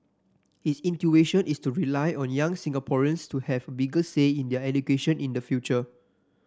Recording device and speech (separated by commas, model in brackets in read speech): standing microphone (AKG C214), read sentence